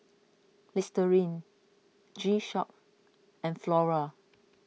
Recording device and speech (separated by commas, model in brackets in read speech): mobile phone (iPhone 6), read sentence